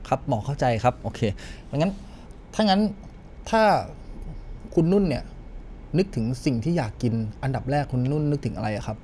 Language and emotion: Thai, neutral